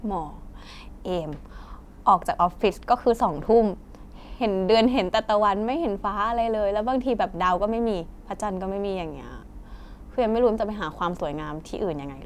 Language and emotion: Thai, frustrated